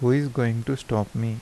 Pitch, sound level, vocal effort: 120 Hz, 80 dB SPL, soft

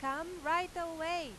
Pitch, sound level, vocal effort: 330 Hz, 98 dB SPL, very loud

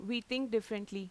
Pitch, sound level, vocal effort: 225 Hz, 87 dB SPL, loud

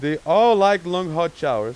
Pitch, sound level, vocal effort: 175 Hz, 99 dB SPL, very loud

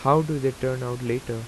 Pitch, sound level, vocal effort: 130 Hz, 85 dB SPL, normal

